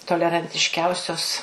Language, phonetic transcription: Lithuanian, tolerantišˈkiausios

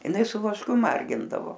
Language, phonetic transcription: Lithuanian, iˈnai su vašˈku ˈmargindavo

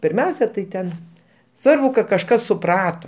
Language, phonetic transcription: Lithuanian, pirˈmiausia tai ˈten ˈsvarbu kad kažˈkas suˈprato

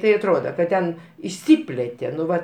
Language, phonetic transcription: Lithuanian, ˈtai atˈroda ka ˈten išˈsiplėtė nu ˈva

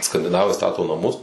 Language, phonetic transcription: Lithuanian, skandiˈnavai ˈstato naˈmus

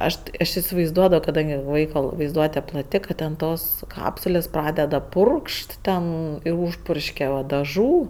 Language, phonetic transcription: Lithuanian, ˈaš ti aš isivaizˈduodavo kaˈdangi ˈvaiko vaizˈduote plaˈti kad ˈten ˈtos ˈkapsulės ˈpradeda ˈpurkšt ˈten ir ˈūžpurškia va daˈžų

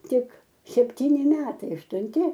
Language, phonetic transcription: Lithuanian, ˈtik sepˈtyni ˈmetai aštunˈti

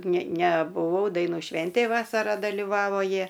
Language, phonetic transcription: Lithuanian, ne nebuˈvau daiˈnų ˈšventėj ˈvasara daliˈvavo ˈjie

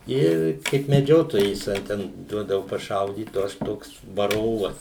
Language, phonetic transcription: Lithuanian, ˈir kaip meˈdžiotojais a ˈten ˈduodavu paˈšaudyt o ˈaš ˈtoks vaˈrovas

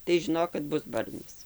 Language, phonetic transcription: Lithuanian, tai žiˈnok kad ˈbus ˈbarnis

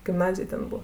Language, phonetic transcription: Lithuanian, gimˈnazij ˈten ˈbu

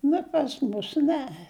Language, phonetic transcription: Lithuanian, ˈnu pas ˈmus ˈne

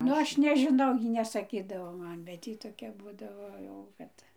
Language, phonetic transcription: Lithuanian, ˈnu ˈaš nežiˈnau ˈjy nesaˈkydavo ˈman bet ˈjy toˈkia ˈbūdavo jau ˈkad

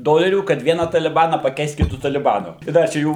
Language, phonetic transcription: Lithuanian, ˈdolerių kad ˈviena taliˈbana paˈkeist kiˈtu taliˈbanu i ˈda čia ˈjų

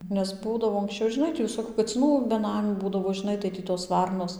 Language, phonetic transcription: Lithuanian, nes ˈbūdavo anksˈčiau žiˈnai tį viˈsokiu kaciˈnų beˈnamių ˈbūdavo žiˈnai tai ˈtį tos ˈvarnos

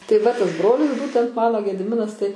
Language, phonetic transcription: Lithuanian, tai ˈva ˈtasˈbrolis ˈbūtent ˈmano gediˈminas tai

